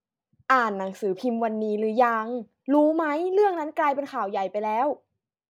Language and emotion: Thai, frustrated